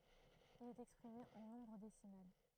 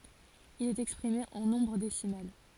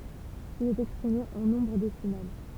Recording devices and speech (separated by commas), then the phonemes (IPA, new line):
throat microphone, forehead accelerometer, temple vibration pickup, read sentence
il ɛt ɛkspʁime ɑ̃ nɔ̃bʁ desimal